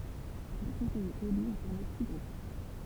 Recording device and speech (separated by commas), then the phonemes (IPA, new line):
temple vibration pickup, read sentence
le kɔ̃sɛjez ely ɔ̃ fɔʁme si ɡʁup